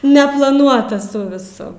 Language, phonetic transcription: Lithuanian, neplaˈnuotas ˈsu viˈsu

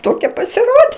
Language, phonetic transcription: Lithuanian, ˈtokia pasiˈrodė

